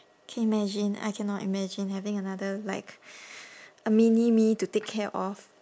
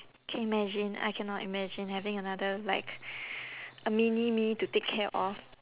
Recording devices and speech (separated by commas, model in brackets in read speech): standing microphone, telephone, conversation in separate rooms